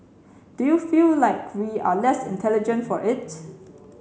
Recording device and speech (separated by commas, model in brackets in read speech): mobile phone (Samsung C7), read sentence